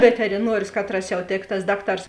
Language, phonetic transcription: Lithuanian, veteriˈnuorius ˈkatras jau ˈtėk tas ˈdakˌtars

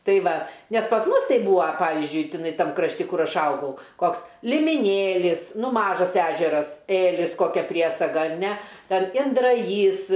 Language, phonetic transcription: Lithuanian, ˈtai ˈva nes pas ˈmus ˈtai ˈbūa ˈpavizdžiui tiˈnai ˈtam krašˈti ˈkur ˈaš ˈaugau ˈkoks limiˈnėlis ˈnu ˈmažas ˈežeras ˈėlis koˈkia ˈpriesaga ar ne ˈten indraˈjys

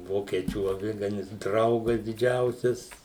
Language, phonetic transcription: Lithuanian, ˈvokiečių aˈviganis ˈdraugas diˈdžiausias

